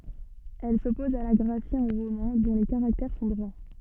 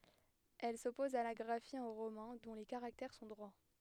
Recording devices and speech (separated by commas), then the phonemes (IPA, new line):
soft in-ear microphone, headset microphone, read sentence
ɛl sɔpɔz a la ɡʁafi ɑ̃ ʁomɛ̃ dɔ̃ le kaʁaktɛʁ sɔ̃ dʁwa